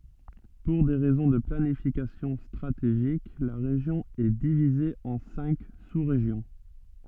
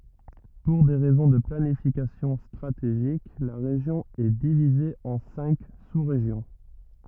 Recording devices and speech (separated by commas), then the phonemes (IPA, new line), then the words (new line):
soft in-ear microphone, rigid in-ear microphone, read sentence
puʁ de ʁɛzɔ̃ də planifikasjɔ̃ stʁateʒik la ʁeʒjɔ̃ ɛ divize ɑ̃ sɛ̃k susʁeʒjɔ̃
Pour des raisons de planification stratégique, la région est divisée en cinq sous-régions.